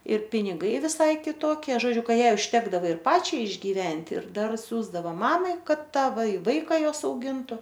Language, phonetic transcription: Lithuanian, ir piniˈgai viˈsai kiˈtokie žoˈdžiu ˈką ˈjai užˈtekdava ir ˈpačiai išgyˈventi ir ˈdar ˈsiųsdavo ˈmamai ˈkad ˈtą vai ˈvaika ˈjos auˈgintu

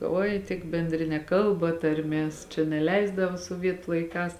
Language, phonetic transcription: Lithuanian, ˈoi tik benˈdrine ˈkalba tarˈmės čia neˈleisdava suoˈvietu laiˈkās

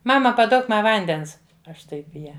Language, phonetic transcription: Lithuanian, ˈmama paˈduok ˈma ˈvandens ˈaš ˈtaip i ˈją

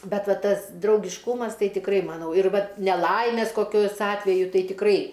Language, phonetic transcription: Lithuanian, ˈbet ˈva ˈtas draugišˈkūmas ˈtai tikˈrai maˈnau ir ˈvat neˈlaimės koˈkios ˈatveju ˈtai tikˈrai

